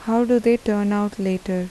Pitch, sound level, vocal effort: 205 Hz, 81 dB SPL, soft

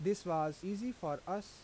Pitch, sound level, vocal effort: 185 Hz, 87 dB SPL, normal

